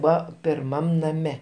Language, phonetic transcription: Lithuanian, ˈbua pirˈmam naˈme

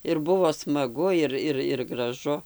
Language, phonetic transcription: Lithuanian, ir ˈbuvo smaˈgu ˈir ˈir ir graˈžu

